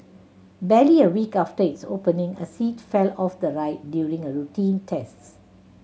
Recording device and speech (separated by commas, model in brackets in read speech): mobile phone (Samsung C7100), read sentence